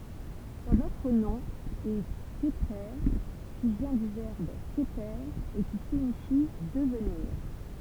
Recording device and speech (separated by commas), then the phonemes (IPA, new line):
temple vibration pickup, read sentence
sɔ̃n otʁ nɔ̃ ɛ kəpʁe ki vjɛ̃ dy vɛʁb kəpe e ki siɲifi dəvniʁ